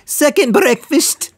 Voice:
silly voice